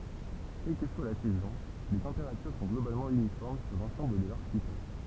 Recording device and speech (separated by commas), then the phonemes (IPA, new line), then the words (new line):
temple vibration pickup, read sentence
kɛl kə swa la sɛzɔ̃ le tɑ̃peʁatyʁ sɔ̃ ɡlobalmɑ̃ ynifɔʁm syʁ lɑ̃sɑ̃bl də laʁʃipɛl
Quelle que soit la saison, les températures sont globalement uniformes sur l'ensemble de l'archipel.